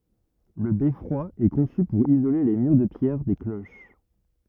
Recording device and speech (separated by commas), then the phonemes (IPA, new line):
rigid in-ear microphone, read sentence
lə bɛfʁwa ɛ kɔ̃sy puʁ izole le myʁ də pjɛʁ de kloʃ